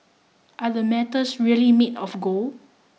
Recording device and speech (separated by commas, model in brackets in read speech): mobile phone (iPhone 6), read sentence